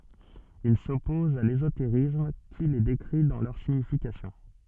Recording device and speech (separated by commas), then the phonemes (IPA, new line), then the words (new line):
soft in-ear microphone, read sentence
il sɔpɔz a lezoteʁism ki le dekʁi dɑ̃ lœʁ siɲifikasjɔ̃
Il s'oppose à l'ésotérisme qui les décrit dans leur signification.